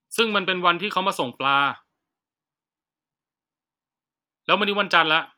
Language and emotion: Thai, frustrated